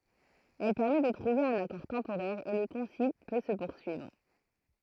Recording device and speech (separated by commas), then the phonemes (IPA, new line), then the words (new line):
throat microphone, read sentence
ɛl pɛʁmɛ də tʁuve œ̃n akɔʁ tɑ̃poʁɛʁ e lə kɔ̃sil pø sə puʁsyivʁ
Elle permet de trouver un accord temporaire et le concile peut se poursuivre.